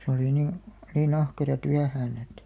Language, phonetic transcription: Finnish, se oli nin̬ , ni'n ‿ahkera 'tyähään ‿et ,.
- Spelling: se oli niin niin ahkera työhön että

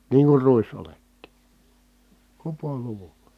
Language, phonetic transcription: Finnish, niiŋ kur ruis₍oletti , kupoluvULA .
- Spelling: niin kun ruisoljetkin kupoluvulla

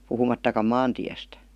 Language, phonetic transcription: Finnish, 'puhumattakam "maantiästÄ .
- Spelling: puhumattakaan maantiestä

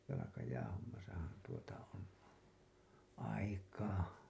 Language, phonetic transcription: Finnish, jalakajäähommasahan , tuota on , 'aikaa .
- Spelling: jalkajäähommassahan tuota on aikaa

